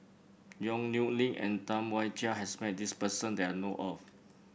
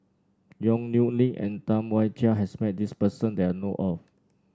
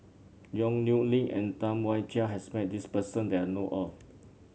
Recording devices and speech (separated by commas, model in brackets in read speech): boundary microphone (BM630), standing microphone (AKG C214), mobile phone (Samsung C7), read sentence